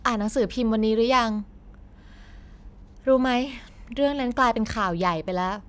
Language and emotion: Thai, frustrated